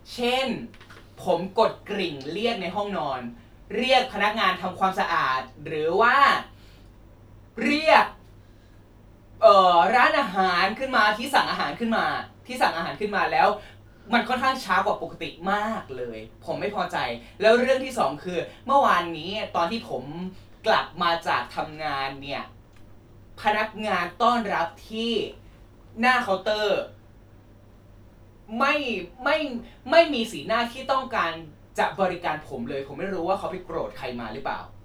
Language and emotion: Thai, angry